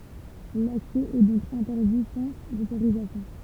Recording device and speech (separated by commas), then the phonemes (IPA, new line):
temple vibration pickup, read sentence
laksɛ ɛ dɔ̃k ɛ̃tɛʁdi sɑ̃z otoʁizasjɔ̃